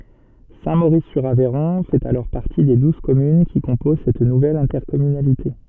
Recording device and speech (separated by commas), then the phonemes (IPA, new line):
soft in-ear microphone, read sentence
sɛ̃tmoʁiszyʁavɛʁɔ̃ fɛt alɔʁ paʁti de duz kɔmyn ki kɔ̃poz sɛt nuvɛl ɛ̃tɛʁkɔmynalite